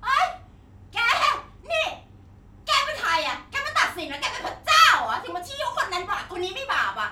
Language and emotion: Thai, angry